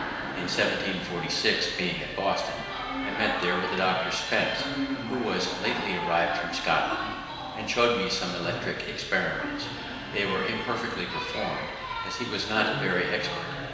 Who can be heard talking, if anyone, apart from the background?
One person.